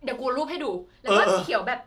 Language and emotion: Thai, happy